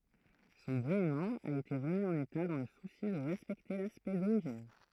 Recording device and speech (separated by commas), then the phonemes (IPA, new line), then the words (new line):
throat microphone, read sentence
sɔ̃ ɡʁeəmɑ̃ a ete ʁəmi ɑ̃n eta dɑ̃ lə susi də ʁɛspɛkte laspɛkt doʁiʒin
Son gréement a été remis en état dans le souci de respecter l'aspect d'origine.